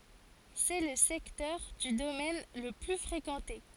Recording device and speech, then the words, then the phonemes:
forehead accelerometer, read sentence
C'est le secteur du domaine le plus fréquenté.
sɛ lə sɛktœʁ dy domɛn lə ply fʁekɑ̃te

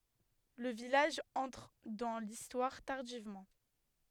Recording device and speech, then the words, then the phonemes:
headset microphone, read sentence
Le village entre dans l’Histoire tardivement.
lə vilaʒ ɑ̃tʁ dɑ̃ listwaʁ taʁdivmɑ̃

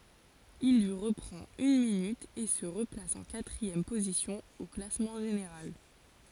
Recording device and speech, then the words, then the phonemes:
forehead accelerometer, read sentence
Il lui reprend une minute et se replace en quatrième position au classement général.
il lyi ʁəpʁɑ̃t yn minyt e sə ʁəplas ɑ̃ katʁiɛm pozisjɔ̃ o klasmɑ̃ ʒeneʁal

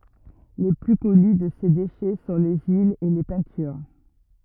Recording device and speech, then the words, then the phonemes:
rigid in-ear microphone, read sentence
Les plus connus de ces déchets sont les huiles et les peintures.
le ply kɔny də se deʃɛ sɔ̃ le yilz e le pɛ̃tyʁ

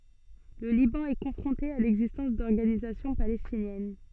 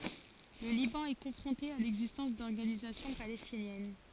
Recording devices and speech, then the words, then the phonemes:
soft in-ear microphone, forehead accelerometer, read sentence
Le Liban est confronté à l'existence d'organisations palestinienne.
lə libɑ̃ ɛ kɔ̃fʁɔ̃te a lɛɡzistɑ̃s dɔʁɡanizasjɔ̃ palɛstinjɛn

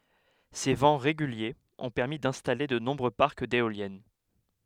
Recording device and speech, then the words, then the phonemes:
headset microphone, read sentence
Ces vents réguliers ont permis d’installer de nombreux parcs d’éoliennes.
se vɑ̃ ʁeɡyljez ɔ̃ pɛʁmi dɛ̃stale də nɔ̃bʁø paʁk deoljɛn

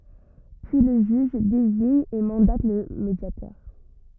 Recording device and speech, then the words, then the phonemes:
rigid in-ear microphone, read sentence
Puis le juge désigne et mandate le médiateur.
pyi lə ʒyʒ deziɲ e mɑ̃dat lə medjatœʁ

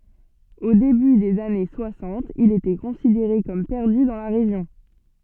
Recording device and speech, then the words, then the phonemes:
soft in-ear microphone, read sentence
Au début des années soixante, il était considéré comme perdu dans la région.
o deby dez ane swasɑ̃t il etɛ kɔ̃sideʁe kɔm pɛʁdy dɑ̃ la ʁeʒjɔ̃

